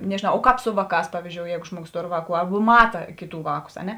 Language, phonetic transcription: Lithuanian, nežiˈnau o ˈkāp ˈsu vaˌkās ˈpavizdžiou ˈjeigu ˈžmuoˌgos ˈtor ˈvāˌkų ˈarbu ˈmata ˈkėˌtų ˈvāˌkus a ˈne

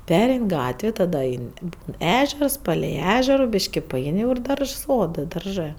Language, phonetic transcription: Lithuanian, ˈperein' ˈgatvė taˈda ˈain' i ˈbūn ˈežers ˈpalei ˈežero ˈbiški paˈein' jau ir ˈdaržs ˈsodɜ darˈžɜ

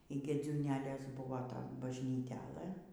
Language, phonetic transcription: Lithuanian, y gėdziūˈnelės ˈbuvo ˈton bažnyˈtelɘ

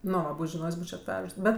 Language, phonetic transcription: Lithuanian, ˈnu ˈva ˈbūč' žiˈnojs' ˈbūčio atˈvežs ˈbet

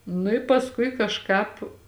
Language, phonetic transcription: Lithuanian, nu i pasˈkui kažˈkāp

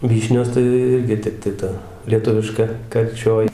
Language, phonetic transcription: Lithuanian, ˈvyšnios tai ˈirgi ˈtep tai ˈta lieˈtuviška karˈčioj

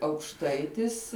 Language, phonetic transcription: Lithuanian, aukšˈtaitis

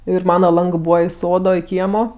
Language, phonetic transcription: Lithuanian, ˈir ˈmana ˈlangɜ ˈbūva i ˈsodo i ˈkiemo

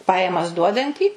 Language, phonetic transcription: Lithuanian, ˈpajamas ˈduodantį

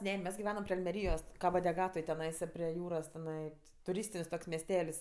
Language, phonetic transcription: Lithuanian, ˈne ˈmes giˈvenam pri almeˈryjos kabo deˈgatoj teˈnaisa prie ˈjūros teˈnai tuˈrystin's' toks mesˈtel's'

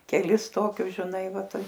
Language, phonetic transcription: Lithuanian, keˈlis ˈtokius žiˈnai ˈva ˈtai

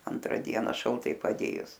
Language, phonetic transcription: Lithuanian, ˈantra ˈdiena šalˈtai paˈdėjus

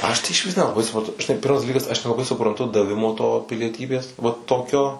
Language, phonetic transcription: Lithuanian, ˈaš tai išˈvis nelaˈbai supranˈtu žiˈnai ˈpirmas daˈlykas aš nelaˈbai supranˈtu daˈvimo to pilieˈtybės va ˈtokio

